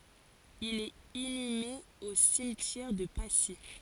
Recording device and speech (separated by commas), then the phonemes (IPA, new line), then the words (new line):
forehead accelerometer, read sentence
il ɛt inyme o simtjɛʁ də pasi
Il est inhumé au cimetière de Passy.